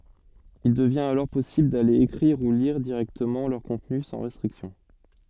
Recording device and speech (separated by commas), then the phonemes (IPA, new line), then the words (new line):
soft in-ear microphone, read sentence
il dəvjɛ̃t alɔʁ pɔsibl dale ekʁiʁ u liʁ diʁɛktəmɑ̃ lœʁ kɔ̃tny sɑ̃ ʁɛstʁiksjɔ̃
Il devient alors possible d'aller écrire ou lire directement leur contenu sans restrictions.